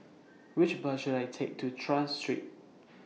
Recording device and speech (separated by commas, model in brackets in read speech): mobile phone (iPhone 6), read sentence